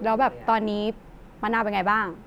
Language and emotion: Thai, neutral